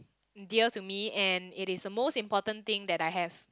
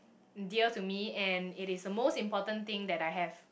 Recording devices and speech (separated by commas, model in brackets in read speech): close-talking microphone, boundary microphone, conversation in the same room